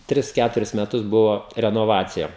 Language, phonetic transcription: Lithuanian, ˈtris ˈkæturis meˈtus ˈbuvo renoˈvacija

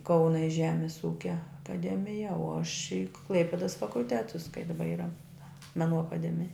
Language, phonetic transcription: Lithuanian, ˈkauna i ˈžemis ˈūkia akaˈdemija o aš i ˈklaipidas fakulˈtetus kai daˈba ˈyra meˈnų akaˈdemija

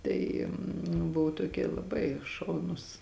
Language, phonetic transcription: Lithuanian, ˈtai nu ˈbuvu toˈkie laˈbai ˈšaunus

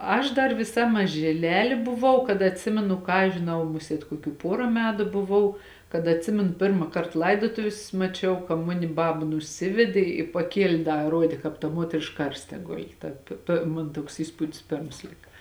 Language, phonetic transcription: Lithuanian, ˈaš ˈdar viˈsa mažiˈlelė buˈvau kad atˈsimenu ˈką aš žiˈnau ˈmusiet koˈkių ˈpora ˈmetu buˈvau kad atˈsimenu ˈpirma ˈkart ˈlaidotovis maˈčiau ka ˈmuni ˈbaba nuˈsivedė i paˈkielė ˈda ˈruodė kāp ta ˈmuotrišk ˈkarste ˈguli ˈta pė pė ˈmon ˈtuoks ˈįspudis ˈpėrms ˈlika

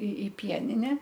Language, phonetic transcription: Lithuanian, i i ˈpienine

